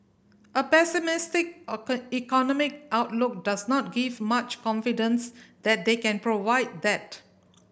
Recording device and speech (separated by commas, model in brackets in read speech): boundary microphone (BM630), read sentence